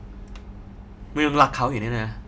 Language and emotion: Thai, frustrated